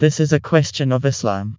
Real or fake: fake